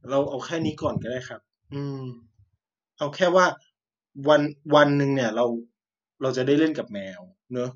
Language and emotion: Thai, frustrated